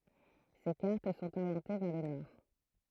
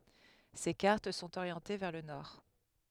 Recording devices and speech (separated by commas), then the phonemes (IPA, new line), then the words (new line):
throat microphone, headset microphone, read sentence
se kaʁt sɔ̃t oʁjɑ̃te vɛʁ lə nɔʁ
Ses cartes sont orientées vers le nord.